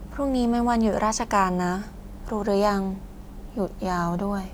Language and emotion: Thai, neutral